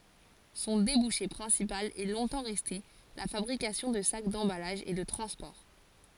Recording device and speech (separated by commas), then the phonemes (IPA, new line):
forehead accelerometer, read sentence
sɔ̃ debuʃe pʁɛ̃sipal ɛ lɔ̃tɑ̃ ʁɛste la fabʁikasjɔ̃ də sak dɑ̃balaʒ e də tʁɑ̃spɔʁ